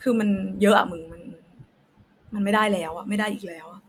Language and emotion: Thai, frustrated